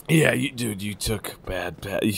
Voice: gruffly